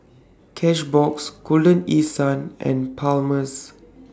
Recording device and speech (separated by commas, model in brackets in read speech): standing microphone (AKG C214), read sentence